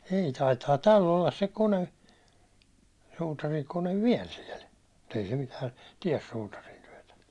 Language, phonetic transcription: Finnish, 'ei taitaa "täll ‿ollas se 'kone , suutariŋkone "viɛl siɛl , mut ‿ei se mitää , 'tiɛs 'suutarintyötä .
- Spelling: ei taitaa tällä olla se kone suutarinkone vielä siellä mutta ei se mitään tee suutarintyötä

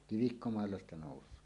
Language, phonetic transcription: Finnish, kivikkomàella ‿sta 'nòus̀oo .
- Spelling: kivikkomaalla sitä nousee

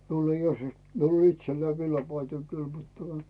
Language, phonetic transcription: Finnish, 'miul ‿ei os , 'miul ‿o 'itselläi "villapaitoi 'kyl mut tuᵒᵗᴀ .
- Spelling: minulla ei olisi minulla on itselläni villapaitoja kyllä mutta tuota

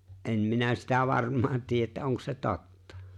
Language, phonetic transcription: Finnish, 'en 'minä sitä 'varm̀aan 'tiijä ‿että 'oŋk se "totta .
- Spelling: en minä sitä varmaan tiedä että onko se totta

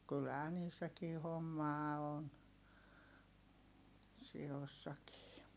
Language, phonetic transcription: Finnish, kylhää niissäkii hommaa on , si₍ossakii .
- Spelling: kyllähän niissäkin hommaa on sioissakin

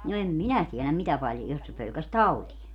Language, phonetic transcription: Finnish, no 'em "minä tieläm 'mitä paljo , jos se 'pölkäs "tautie .
- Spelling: no en minä tiedä mitä paljon jos se pelkäsi tauteja

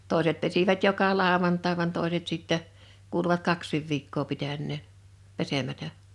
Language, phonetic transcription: Finnish, 'tòeset pesivät 'joka 'làovantaḙ van 'tòeset sittɛ , 'kuuluvat "kaks̆sìv 'viikkoo 'pitännèn , 'pesemätä .
- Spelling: toiset pesivät joka lauantai vaan toiset sitten kuuluvat kaksikin viikkoa pitäneen pesemättä

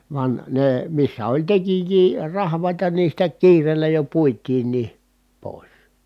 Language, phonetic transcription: Finnish, van , nè , missä oĺ tekij̀ii rahv̀àita ni sitä kiireellä jo puit̀iin̆nii , pòis .
- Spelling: vaan ne missä oli tekijöitä rahvaita niin sitä kiireellä jo puitiinkin pois

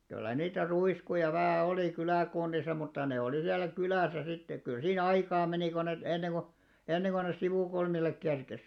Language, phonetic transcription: Finnish, 'kyllä niitä 'ruiskuja vähä̀ 'olì 'kylä̀kunnisa mutta ne olì siälä "kylä̀sä sittek kyl 'sii'n ‿aikaa menì ko net , 'enneŋɢu , 'enneŋɢo nes "sivùkulmillek 'kerkes .
- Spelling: kyllä niitä ruiskuja vähän oli kyläkunnissa mutta ne oli siellä kylässä sitten kyllä siinä aikaa meni kun ne ennen kuin ennen kuin ne sivukulmille kerkesi

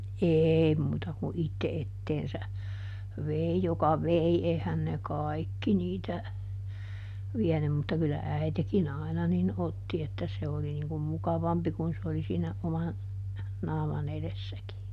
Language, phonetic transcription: Finnish, "eei muuta ku ˈitte ˈetteensä , "vei joka ˈvei - ˈeihän ne "kaikki niitä , ˈviɛnym - mutta kyllä "äitekiˈn ‿àina nin ˈotti että se ˈoli niŋ kum ˈmukavampi kun ˈs ‿oli siinä ˈoman , ˈnaaman ‿eδessäki .
- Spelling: ei muuta kuin itse eteensä vei joka vei eihän ne kaikki niitä vienyt mutta kyllä äitikin aina niin otti että se oli niin kuin mukavampi kun se oli siinä oman naaman edessäkin

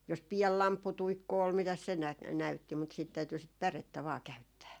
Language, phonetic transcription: Finnish, jos 'piɛl "lampputuikku ol mitäs se nä- , 'näytti mut siit 'täyty sit "pärettä vaa 'käyttää .
- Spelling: jos pieni lampputuikku oli mitäs se - näytti mutta sitten täytyi sitä pärettä vain käyttää

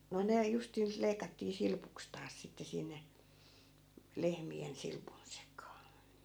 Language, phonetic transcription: Finnish, no 'ne , justii(ns) 'leikattii 'silpuks taas sitte 'sinne , "lehmi₍en 'silpun sek̀aa .
- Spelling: no ne justiinsa leikattiin silpuksi taas sitten sinne lehmien silpun sekaan

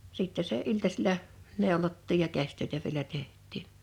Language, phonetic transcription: Finnish, 'sìttɛ sè '’iltasila , 'nèolottiij ja 'käśtö̀etä vielä 'teh̀t̆tìɴ .
- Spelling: sitten se iltasilla neulottiin ja käsitöitä vielä tehtiin

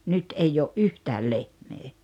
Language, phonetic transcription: Finnish, nyt 'eij ‿oo’ "’yhtääl 'lehmee .
- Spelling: nyt ei ole yhtään lehmää

